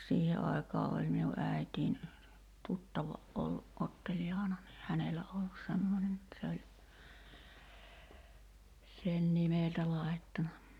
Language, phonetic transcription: Finnish, 'siihe aikaa oĺ minu '’ä̀it́iin , "tuttava '’ollu’ '’Otteljaana ni "hänelä ollus 'semmońen ‿et se oĺ , 'sen "nimèltä 'lài̬ttana .
- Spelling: siihen aikaa oli minun äitini tuttava ollut Otteljaana niin hänellä ollut semmoinen että se oli sen nimeltä laittanut

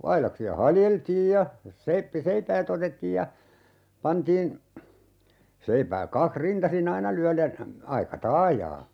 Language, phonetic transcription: Finnish, 'ailaksi₍a "haljeltiij ja , 'seippi- , "seipäät ‿otettiij ja , 'pantiin , 'seipääk 'kakh 'rintasi"n ‿aina lyälen , 'aika "taajaa .
- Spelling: aidaksia haljeltiin ja - seipäät otettiin ja pantiin seipäät kaksi rintaisin aina lyöden aika taajaan

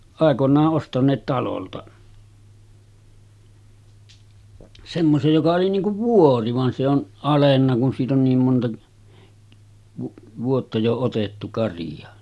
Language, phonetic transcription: Finnish, àekoǹaa’ ’ostaǹeet 'talolta , semmosej joka oli 'niiŋ kuv "vuori van se ‿on , 'alenna kun siit ‿on niim monta , 'vuotta jo otettu 'kariʲa .
- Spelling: aikoinaan ostaneet talolta semmoisen joka oli niin kuin vuori vaan se on alennut kun siitä on niin monta vuotta jo otettu karia

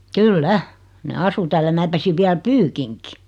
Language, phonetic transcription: Finnish, kyl"lä , ne 'asu tääl ja 'mää pesiv 'viäl "pyykiŋki .
- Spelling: kyllä ne asui täällä ja minä pesin vielä pyykinkin

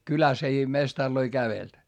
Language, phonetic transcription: Finnish, kyläs ‿ei mestarloi kävelt .
- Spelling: kylässä ei mestareita kävellyt

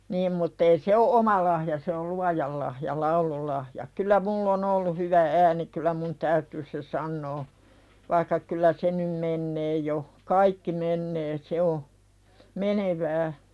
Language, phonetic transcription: Finnish, 'niim mutt ‿ei 'se o "’oma lahja se ol 'luajal lahja "laululahja kylä "mull ‿o'n ‿ollu 'hyvä ääni kylä mun "täytyy se 'sannoo , vaikka kylä se num "mennee jo , "kaikki mennee 'se o , "mene'vää .
- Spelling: niin mutta ei se ole oma lahja se oli luojan lahja laululahja kylä minulla on ollut hyvä ääni kyllä minun täytyy se sanoa vaikka kyllä se nyt menee jo kaikki menee se on menevää

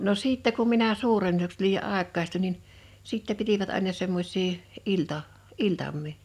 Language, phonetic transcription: Finnish, no 'siittɛ kum minä "suuren̳n̳(u)ks tulij ja 'àek̆kaistuń nin , 'sìtte 'pitivät àena 'semmosś̀ii , 'ilta- , 'iltam̆mii .
- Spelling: no sitten kun minä suuremmaksi tulin ja aikuistuin niin sitten pitivät aina semmoisia - iltamia

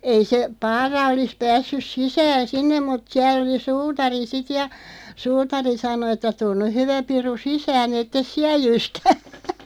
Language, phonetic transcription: Finnish, 'ei se , 'Paara olis 'päässys 'sisään̬ "sinnem mut 'siäl ‿oli "suutari 'sit ja , "suutari 'sano ᵉttä » 'tun nyʰ 'hyvä piru "sisää'n ‿ettes "siä 'jyskä « .
- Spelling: ei se Paara olisi päässyt sisään sinne mutta siellä oli suutari sitten ja suutari sanoi että tule nyt hyvä piru sisään että et siellä jyskä

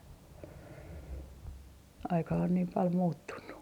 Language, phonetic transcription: Finnish, aika on niim pal 'muuttunnu .
- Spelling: aika on niin paljon muuttunut

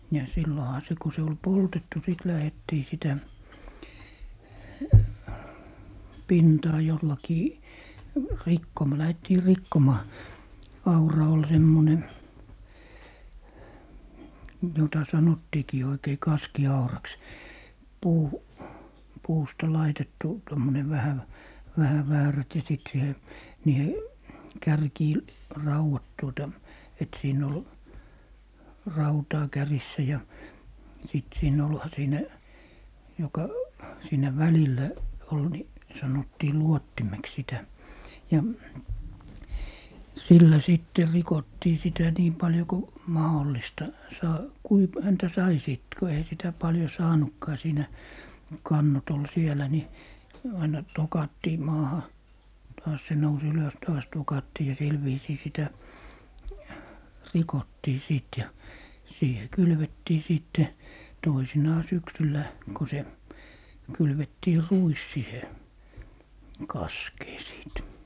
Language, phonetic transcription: Finnish, ja 'silloha se ko se ol "poltettu sit 'lähettii sitä , "pintaa 'jollakii , 'rikkom- , 'lähettii "rikkomaa , 'aura ol 'semmone , jota 'sanottiikii oikei "kaski₍auraks , 'puu- , 'puusta "laitettu , 'tommone 'vähä v- , 'vähä "väärät ja sit 'siihe , 'niihe , "kärkii , "rauwat tuota , et 'siin ‿ol , "rautaa 'kärissä ja , sit siin ‿olha 'siinä , joka , 'siinä "välillä , ol ni , 'sanottii "luottimeks 'sitä , 'ja , "sillä 'sitter 'rikottii sitä 'niim 'paljo ko , "mahollista , 'saa- , "kui p- , 'häntä "sai sìt ku 'eⁱhä sitä 'paljo "saanukkaa 'siinä , "kannot ‿ol 'sielä ni , aina "tokattii 'maaha , 'taas se nous 'ylös 'taas 'tokattii ja 'sil viisii 'sitä , "rikottii 'sìt ja , 'siihe "kylvettii 'sìtte , 'toisinaa 'syksyllä , ko se , 'kylvettii "ruis sihe , "kaskee 'sìt .
- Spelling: ja silloinhan se kun se oli poltettu sitten lähdettiin sitä pintaa jollakin - lähdettiin rikkomaan aura oli semmoinen jota sanottiinkin oikein kaskiauraksi - puusta laitettu tuommoinen vähän - vähän väärät ja sitten siihen niihin kärkiin raudat tuota että siinä oli rautaa kärjissä ja sitten siinä olihan siinä joka siinä välillä oli niin sanottiin luottimeksi sitä ja sillä sitten rikottiin sitä niin paljon kuin mahdollista - kuinka - häntä sai sitten kun eihän sitä paljon saanutkaan siinä kannot oli siellä niin aina tokattiin maahan taas se nousi ylös taas tokattiin ja sillä viisiin sitä rikottiin sitten ja siihen kylvettiin sitten toisinaan syksyllä kun se kylvettiin ruis siihen kaskeen sitten

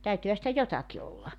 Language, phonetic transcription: Finnish, 'täytyhä sitä "jotaki olla .
- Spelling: täytyihän sitä jotakin olla

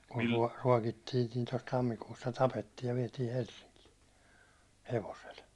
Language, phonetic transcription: Finnish, kun tuå- 'ruåkittiin̆ nii tos 'tammikuussa 'tapettiij ja viɛtii 'Helssiŋkii , 'hevosel .
- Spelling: kun - ruokittiin niin tuossa tammikuussa tapettiin ja vietiin Helsinkiin hevosella

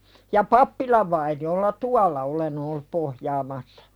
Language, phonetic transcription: Finnish, ja 'pappilav vaini₍olla "tual̆la olen ‿ollup 'pohjaamassᴀ .
- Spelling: ja pappilan vainiolla tuolla olen ollut pohjaamassa

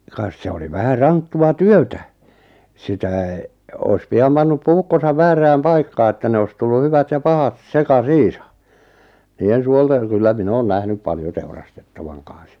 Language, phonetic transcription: Finnish, 'kas 'se oli 'vähä "ranttu₍a "työtä , 'sitä̀ , ois 'piam 'pannup "puukkosav "väärääm "paikkaa että 'ne ois 'tullu 'hyvät ja 'pahat , 'seka"siisa , 'nii₍en 'suolteŋ 'kyllä 'min ‿oon 'nähnyp 'paljo 'teurastettavaŋ kan̬s .
- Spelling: kas se oli vähän ranttua työtä sitä olisi pian pannut puukkonsa väärään paikkaan että ne olisi tullut hyvät ja pahat sekaisin niiden suolten kyllä minä olen nähnyt paljon teurastettavan kanssa

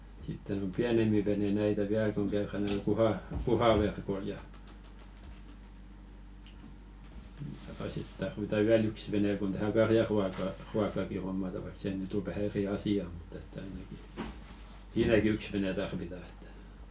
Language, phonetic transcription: Finnish, sitten om "piänempi 'vene näitä 'viäl koŋ 'käyrän ᵗᵘᵃˡ kuha- "kuhaverkoⁱl ja , ja₍a 'sit tarvita "wiä'l ‿yks vene kun 'tänä "karjaruaka , -ruakkaki hommata vaik 'se nỳt ‿o vähä "eri 'asi₍a mᴜt ‿että 'ainaki , "siinäki 'yks vene tarvita ᴇttᴀ̈ .
- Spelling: sitten on pienempi vene näitä vielä kun käydään tuolla - kuhaverkoilla ja ja sitten tarvitaan vielä yksi vene kun tähän karjanruoka ruokaakin hommataan vaikka se nyt on vähän eri asia mutta että ainakin siinäkin yksi vene tarvitaan että

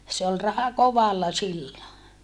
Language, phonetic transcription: Finnish, se ol raha kovalla sillo .
- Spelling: se oli raha kovalla silloin

